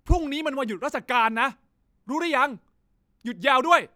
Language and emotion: Thai, angry